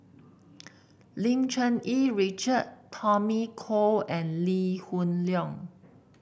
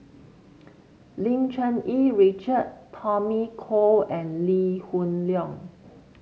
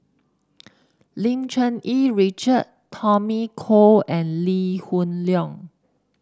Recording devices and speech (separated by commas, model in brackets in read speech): boundary microphone (BM630), mobile phone (Samsung C7), standing microphone (AKG C214), read sentence